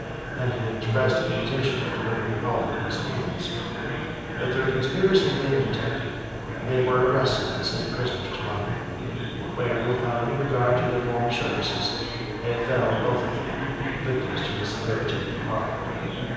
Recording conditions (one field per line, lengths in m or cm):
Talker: one person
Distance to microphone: 7.1 m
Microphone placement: far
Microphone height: 1.7 m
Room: very reverberant, large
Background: babble